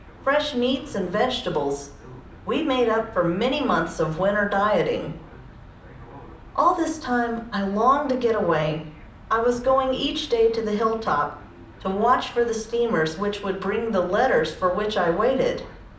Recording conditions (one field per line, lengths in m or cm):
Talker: one person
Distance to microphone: 2.0 m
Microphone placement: close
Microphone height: 99 cm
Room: medium-sized (5.7 m by 4.0 m)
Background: television